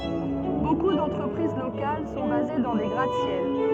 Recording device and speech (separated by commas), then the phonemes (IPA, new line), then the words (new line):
soft in-ear microphone, read sentence
boku dɑ̃tʁəpʁiz lokal sɔ̃ baze dɑ̃ de ɡʁat sjɛl
Beaucoup d'entreprises locales sont basés dans des gratte-ciel.